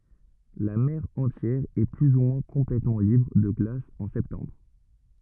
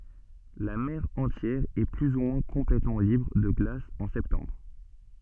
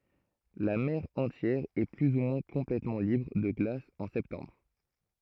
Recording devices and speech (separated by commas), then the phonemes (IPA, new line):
rigid in-ear microphone, soft in-ear microphone, throat microphone, read sentence
la mɛʁ ɑ̃tjɛʁ ɛ ply u mwɛ̃ kɔ̃plɛtmɑ̃ libʁ də ɡlas ɑ̃ sɛptɑ̃bʁ